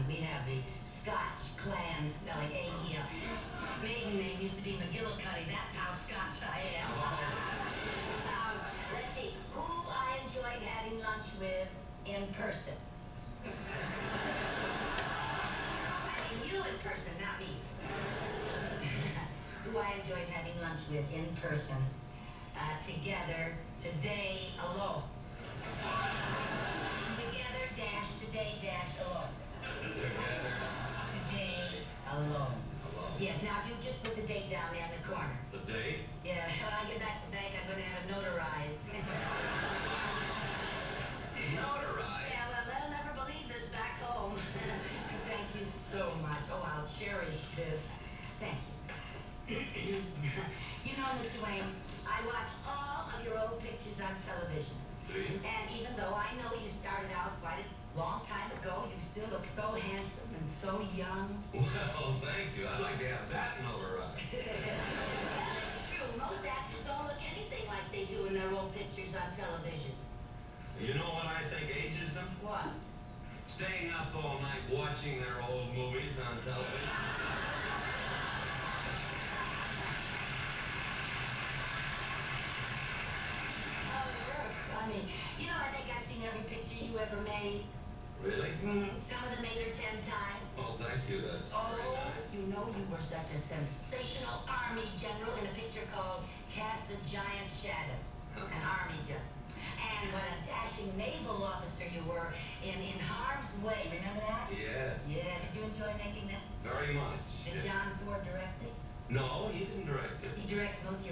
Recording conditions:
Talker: no one; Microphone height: 1.8 m; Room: medium-sized (5.7 m by 4.0 m); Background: television

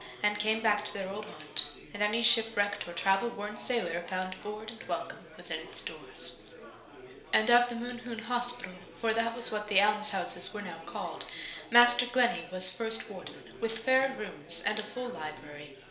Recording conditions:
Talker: one person; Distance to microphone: 1.0 m; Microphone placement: close; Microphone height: 1.1 m; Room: small (3.7 m by 2.7 m); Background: babble

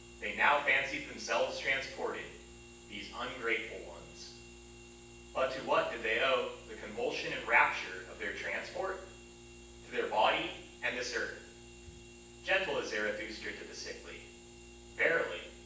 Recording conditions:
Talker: one person; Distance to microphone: 9.8 m; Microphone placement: far; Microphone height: 1.8 m; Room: large; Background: none

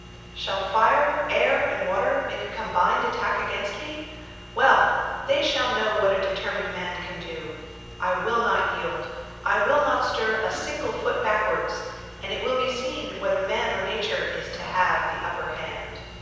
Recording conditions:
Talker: one person; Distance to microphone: 7.1 m; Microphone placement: far; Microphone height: 1.7 m; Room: very reverberant, large; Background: none

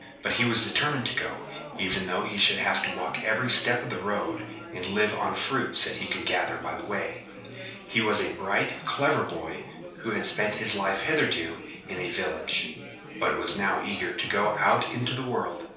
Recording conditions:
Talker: one person; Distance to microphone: 3.0 m; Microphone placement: far; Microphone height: 1.8 m; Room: small (3.7 m by 2.7 m); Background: babble

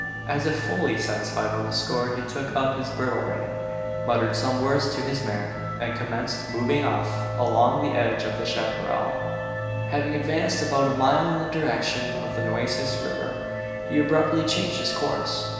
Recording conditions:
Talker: one person; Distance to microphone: 1.7 m; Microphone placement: close; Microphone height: 1.0 m; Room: very reverberant, large; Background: music

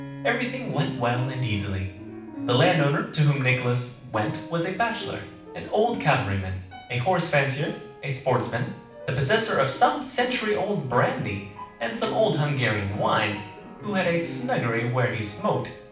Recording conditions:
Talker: one person; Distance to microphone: 5.8 m; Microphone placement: far; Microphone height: 1.8 m; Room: medium-sized (5.7 m by 4.0 m); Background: music

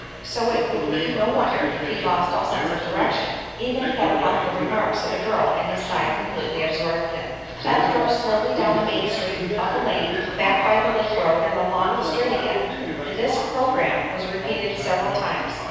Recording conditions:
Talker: one person; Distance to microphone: 7.1 m; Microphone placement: far; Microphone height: 1.7 m; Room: very reverberant, large; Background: television

